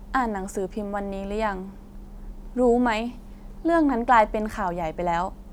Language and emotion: Thai, neutral